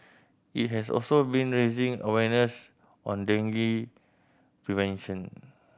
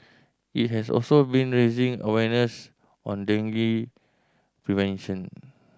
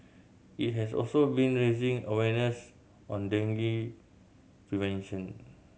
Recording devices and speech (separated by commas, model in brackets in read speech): boundary microphone (BM630), standing microphone (AKG C214), mobile phone (Samsung C7100), read sentence